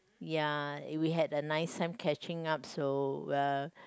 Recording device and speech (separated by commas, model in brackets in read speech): close-talking microphone, conversation in the same room